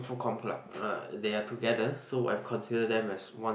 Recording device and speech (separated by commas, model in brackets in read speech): boundary microphone, conversation in the same room